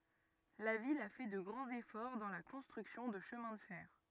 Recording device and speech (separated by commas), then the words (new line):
rigid in-ear microphone, read sentence
La ville a fait de grands efforts dans la construction de chemins de fer.